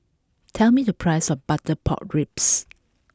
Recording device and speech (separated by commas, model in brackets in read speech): close-talking microphone (WH20), read sentence